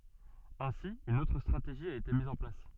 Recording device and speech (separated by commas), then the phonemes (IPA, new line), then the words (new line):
soft in-ear microphone, read sentence
ɛ̃si yn otʁ stʁateʒi a ete miz ɑ̃ plas
Ainsi une autre stratégie a été mise en place.